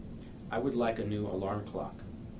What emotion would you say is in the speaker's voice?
neutral